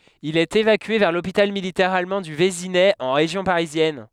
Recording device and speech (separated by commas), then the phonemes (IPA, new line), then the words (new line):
headset microphone, read sentence
il ɛt evakye vɛʁ lopital militɛʁ almɑ̃ dy vezinɛ ɑ̃ ʁeʒjɔ̃ paʁizjɛn
Il est évacué vers l'hôpital militaire allemand du Vésinet en région parisienne.